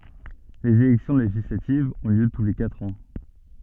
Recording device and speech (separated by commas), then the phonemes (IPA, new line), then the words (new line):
soft in-ear microphone, read sentence
lez elɛksjɔ̃ leʒislativz ɔ̃ ljø tu le katʁ ɑ̃
Les élections législatives ont lieu tous les quatre ans.